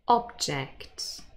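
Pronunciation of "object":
'Object' is said as the noun, with the stress on the first syllable.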